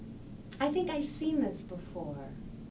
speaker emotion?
neutral